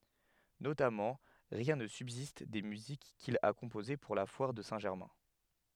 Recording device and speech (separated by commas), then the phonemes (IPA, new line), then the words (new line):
headset microphone, read sentence
notamɑ̃ ʁjɛ̃ nə sybzist de myzik kil a kɔ̃poze puʁ la fwaʁ də sɛ̃ ʒɛʁmɛ̃
Notamment, rien ne subsiste des musiques qu'il a composées pour la foire de Saint-Germain.